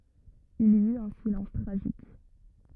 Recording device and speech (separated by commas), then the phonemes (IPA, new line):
rigid in-ear microphone, read sentence
il i yt œ̃ silɑ̃s tʁaʒik